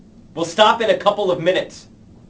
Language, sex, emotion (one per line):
English
male
angry